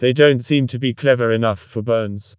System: TTS, vocoder